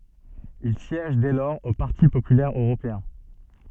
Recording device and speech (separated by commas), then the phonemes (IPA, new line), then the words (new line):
soft in-ear microphone, read sentence
il sjɛʒ dɛ lɔʁz o paʁti popylɛʁ øʁopeɛ̃
Il siège dès lors au Parti populaire européen.